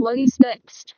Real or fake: fake